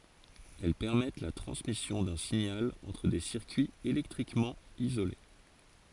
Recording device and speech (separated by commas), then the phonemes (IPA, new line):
forehead accelerometer, read sentence
ɛl pɛʁmɛt la tʁɑ̃smisjɔ̃ dœ̃ siɲal ɑ̃tʁ de siʁkyiz elɛktʁikmɑ̃ izole